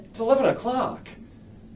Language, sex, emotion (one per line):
English
male
disgusted